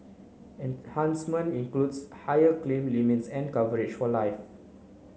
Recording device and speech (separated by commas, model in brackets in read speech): mobile phone (Samsung C9), read sentence